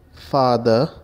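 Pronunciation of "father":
'Father' is pronounced correctly here.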